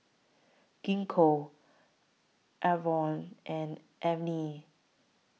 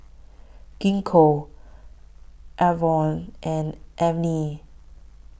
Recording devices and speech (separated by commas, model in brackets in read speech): mobile phone (iPhone 6), boundary microphone (BM630), read sentence